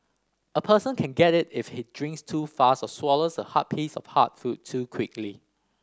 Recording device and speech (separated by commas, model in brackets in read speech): standing microphone (AKG C214), read sentence